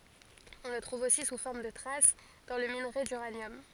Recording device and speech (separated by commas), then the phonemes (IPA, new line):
forehead accelerometer, read sentence
ɔ̃ lə tʁuv osi su fɔʁm də tʁas dɑ̃ lə minʁe dyʁanjɔm